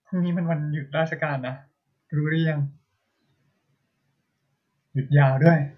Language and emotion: Thai, neutral